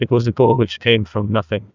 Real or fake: fake